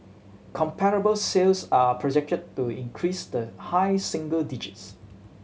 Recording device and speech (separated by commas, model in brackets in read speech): mobile phone (Samsung C7100), read sentence